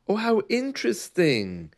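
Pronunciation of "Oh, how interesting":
'Oh, how interesting' sounds a little bit insincere.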